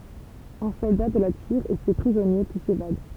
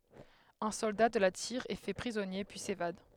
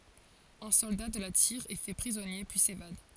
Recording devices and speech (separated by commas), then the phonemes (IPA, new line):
temple vibration pickup, headset microphone, forehead accelerometer, read sentence
œ̃ sɔlda də la tiʁ ɛ fɛ pʁizɔnje pyi sevad